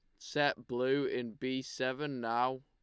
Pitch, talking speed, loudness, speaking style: 130 Hz, 150 wpm, -35 LUFS, Lombard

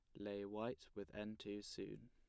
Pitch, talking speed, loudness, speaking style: 105 Hz, 190 wpm, -50 LUFS, plain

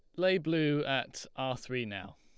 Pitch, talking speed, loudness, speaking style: 135 Hz, 180 wpm, -33 LUFS, Lombard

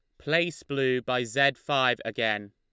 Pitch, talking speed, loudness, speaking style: 130 Hz, 155 wpm, -27 LUFS, Lombard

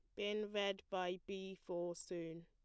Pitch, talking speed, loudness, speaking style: 190 Hz, 160 wpm, -44 LUFS, plain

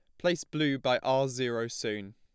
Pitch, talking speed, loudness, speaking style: 130 Hz, 185 wpm, -30 LUFS, plain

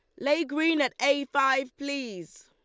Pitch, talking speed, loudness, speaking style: 280 Hz, 165 wpm, -26 LUFS, Lombard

